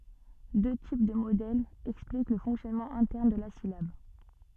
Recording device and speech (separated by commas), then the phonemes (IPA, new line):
soft in-ear microphone, read sentence
dø tip də modɛlz ɛksplik lə fɔ̃ksjɔnmɑ̃ ɛ̃tɛʁn də la silab